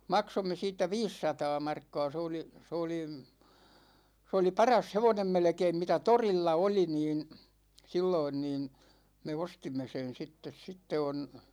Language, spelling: Finnish, maksoimme siitä viisisataa markkaa se oli se oli se oli paras hevonen melkein mitä torilla oli niin silloin niin me ostimme sen sitten sitten on
- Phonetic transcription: 'maksomme 'siittä "viissataa 'markka̭a̭ se oli , se oli , 's ‿oli "paras 'hevonem 'melᵉkeim mitä "torilla 'oli niin̬ , 'silloin niin̬ , me "ostimme sen̬ 'sittes 'sitte on̬ ,.

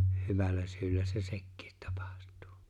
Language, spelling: Finnish, hyvällä syyllä se sekin tapahtuu
- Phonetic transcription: 'hyvällä 'syyllä se "sekkɪɪt 'tᴀpᴀht̀ᴜᴜ .

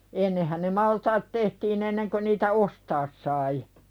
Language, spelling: Finnish, ennenhän ne maltaat tehtiin ennen kuin niitä ostaa sai
- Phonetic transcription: ennehäⁿ ne maltaat 'tehtiin ‿enneŋkö niitä "ostaas sai .

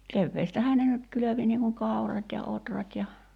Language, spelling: Finnish, keväästähän ne nyt kylvi niin kuin kaurat ja ohrat ja
- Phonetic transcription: 'kevveestähää ne nyt 'kylövi niiŋ kuŋ 'kau̬rat ja 'otrat ja ,.

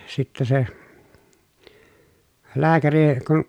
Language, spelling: Finnish, sitten se lääkäri kun
- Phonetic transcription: sittä se , lääkäri kun ,.

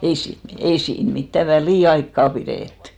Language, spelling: Finnish, ei siinä ei siinä mitään väliaikaa pidetty
- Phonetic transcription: ei siin , ei 'siin mittä "välìaikka pirèttʏ !

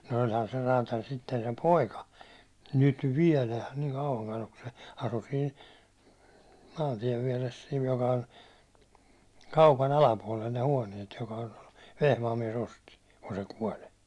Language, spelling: Finnish, no olihan se räätäli sitten sen poika nyt vielä niin kauankaan ole kun se asui siinä maantien vieressä siinä joka on kaupan alapuolella ne huoneet joka on Vehmaan mies osti kun se kuoli
- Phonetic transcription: no oĺhan se 'raataĺ sitten sem "poika , "nyt "viɛlä , niiŋ 'kauvaŋkan ‿ok kun se , asu siin̬ , maantiɛv viɛres siin joka on , 'kaupa'n ‿alapuålel ne 'huåniet joka on , 'Vehmaam miɛs osti , kun se 'kuoĺ .

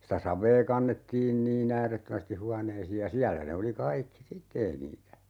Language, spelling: Finnish, sitä savea kannettiin niin äärettömästi huoneisiin ja siellä ne oli kaikki sitten ei niitä
- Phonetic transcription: sitä 'sav̀ee 'kannettiin 'nii"n ‿äärettömästi 'huaneisiij ja 'siällä ne oli 'kaikki "sitte 'ei niitä , .

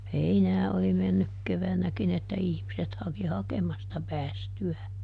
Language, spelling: Finnish, heinää oli mennyt keväänäkin että ihmiset haki hakemasta päästyään
- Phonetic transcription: "heinää oli ˈmennyk ˈkevänäkin ‿että ˈihmiset haki "hakemasta ˈpäästy₍ää .

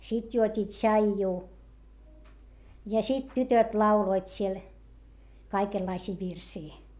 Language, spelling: Finnish, sitten juotiin tsaijua ja sitten tytöt lauloivat siellä kaikenlaisia virsiä
- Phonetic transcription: sit juot́i tšaijjuu , ja sit tytöt lauloit siel , kaikellaisii virsii .

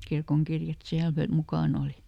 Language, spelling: Finnish, kirkonkirjat siellä - mukana oli
- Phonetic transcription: ˈkirkoŋkirjat ˈsiäl fö- , ˈmukàn ‿oli .

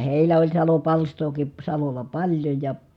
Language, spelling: Finnish, heillä oli salopalstaakin salolla paljon ja
- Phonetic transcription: hèilä oĺ salopalstooki , salol̆la paĺjoj ja ,.

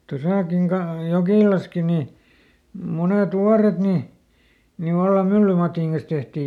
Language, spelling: Finnish, tuossakin - Jokilassakin niin monet vuoret niin niin vallan myllymatin kanssa tehtiin
- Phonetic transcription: ˈtosàkiŋ ka- , ˈJokìlaski ni , ˈmunèt "wuaret ni , ni ˈvallam "myllymatìŋ kan̬s ˈtehtii .

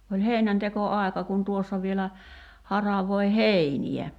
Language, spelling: Finnish, oli heinäntekoaika kun tuossa vielä haravoi heiniä
- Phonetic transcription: oĺ 'hèinänteko₍'ài̬ka kun 'tuossa vielä , 'haravoi "heini₍ä .

